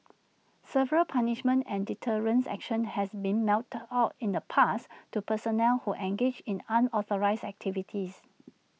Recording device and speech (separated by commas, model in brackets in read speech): mobile phone (iPhone 6), read sentence